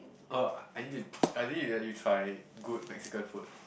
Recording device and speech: boundary microphone, conversation in the same room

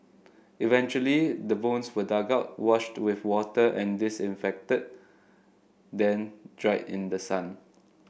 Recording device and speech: boundary microphone (BM630), read sentence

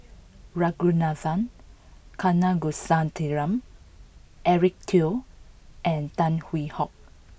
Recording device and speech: boundary microphone (BM630), read sentence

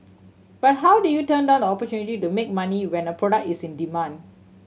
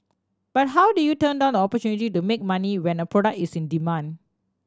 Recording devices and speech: mobile phone (Samsung C7100), standing microphone (AKG C214), read sentence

